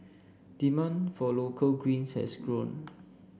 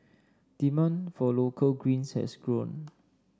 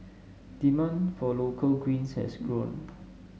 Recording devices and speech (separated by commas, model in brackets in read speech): boundary microphone (BM630), standing microphone (AKG C214), mobile phone (Samsung S8), read sentence